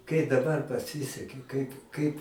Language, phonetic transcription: Lithuanian, kai daˈbar paˈsiseki kaip ˈkaip

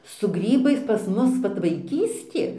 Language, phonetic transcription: Lithuanian, su ˈgrybais pas ˈmus ˈvat vaiˈkystė

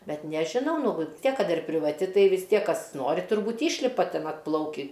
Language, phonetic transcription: Lithuanian, ˈbet nežiˈnau ˈnu vɨ ˈtiek ˈkad ir privaˈti ˈtai vis ˈtiek ˈkas ˈnori turˈbūt ˈyšlipa ˈten atˈplaukį

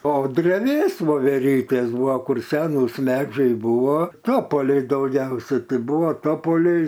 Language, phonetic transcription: Lithuanian, o dreˈvės voveˈrytės ˈbua ˈkur ˈsenūs ˈmedžiai ˈbūvo ˈtopoliai dauˈgiausia ˈtai ˈbuvo ˈtopoliai

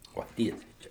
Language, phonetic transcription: Lithuanian, o ˈtiesiai ˈčia

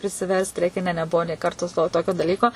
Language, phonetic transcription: Lithuanian, prisiˈverst ˈreikia ˈne neˈbuvo nė ˈkarto to ˈtokio daˈlyko

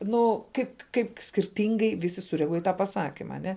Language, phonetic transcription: Lithuanian, ˈnu ˈkaip ˈkaip skirˈtingai ˈvisi sureaˈguoj į ˈtą paˈsakima aˈne

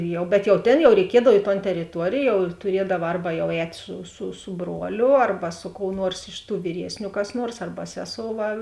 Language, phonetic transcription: Lithuanian, ˈjau bet jau ˈtėn jau reiˈkiedav i ton teriˈtuorėj jau ir tuˈriedava ˈarba jau ˈēt' su su su ˈbruoliu ˈarba su kou ˈnuors iš tų vyˈriesniu kas ˈnuors ˈarba ˈseˌsou ˈva

